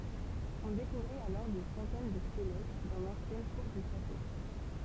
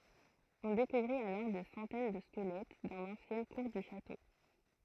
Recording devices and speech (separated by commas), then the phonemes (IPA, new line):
temple vibration pickup, throat microphone, read sentence
ɔ̃ dekuvʁit alɔʁ de sɑ̃tɛn də skəlɛt dɑ̃ lɑ̃sjɛn kuʁ dy ʃato